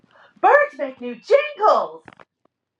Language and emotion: English, surprised